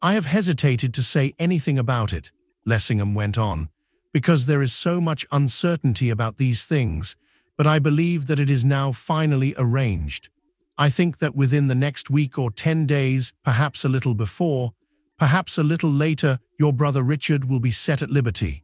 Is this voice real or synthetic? synthetic